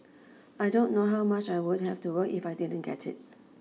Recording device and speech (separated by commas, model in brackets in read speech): mobile phone (iPhone 6), read sentence